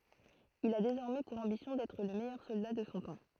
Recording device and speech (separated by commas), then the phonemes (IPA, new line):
throat microphone, read sentence
il a dezɔʁmɛ puʁ ɑ̃bisjɔ̃ dɛtʁ lə mɛjœʁ sɔlda də sɔ̃ tɑ̃